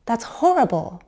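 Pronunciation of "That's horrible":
'That's horrible' has a sharp rise before the fall, with some stepping across its syllables.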